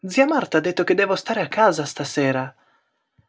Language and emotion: Italian, surprised